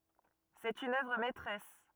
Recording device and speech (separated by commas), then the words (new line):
rigid in-ear microphone, read sentence
C'est une œuvre maîtresse.